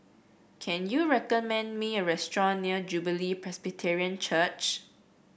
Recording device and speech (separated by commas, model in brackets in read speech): boundary microphone (BM630), read sentence